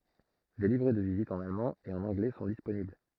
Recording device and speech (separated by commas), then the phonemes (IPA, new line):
throat microphone, read sentence
de livʁɛ də vizit ɑ̃n almɑ̃ e ɑ̃n ɑ̃ɡlɛ sɔ̃ disponibl